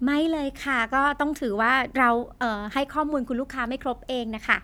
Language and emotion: Thai, happy